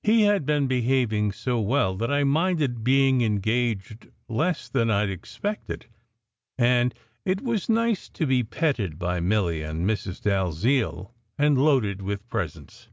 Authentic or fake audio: authentic